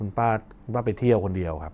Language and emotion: Thai, neutral